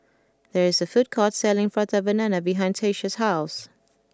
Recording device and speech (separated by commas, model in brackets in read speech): close-talking microphone (WH20), read sentence